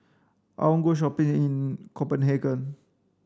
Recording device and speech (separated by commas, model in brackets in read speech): standing microphone (AKG C214), read sentence